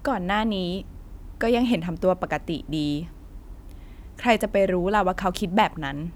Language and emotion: Thai, frustrated